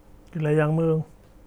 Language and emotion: Thai, neutral